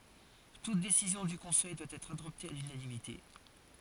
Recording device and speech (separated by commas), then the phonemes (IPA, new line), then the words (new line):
forehead accelerometer, read sentence
tut desizjɔ̃ dy kɔ̃sɛj dwa ɛtʁ adɔpte a lynanimite
Toute décision du Conseil doit être adoptée à l'unanimité.